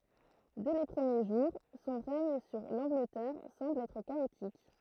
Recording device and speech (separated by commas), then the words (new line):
throat microphone, read sentence
Dès les premiers jours, son règne sur l’Angleterre semble être chaotique.